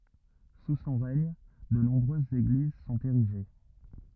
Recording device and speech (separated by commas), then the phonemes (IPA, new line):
rigid in-ear microphone, read sentence
su sɔ̃ ʁɛɲ də nɔ̃bʁøzz eɡliz sɔ̃t eʁiʒe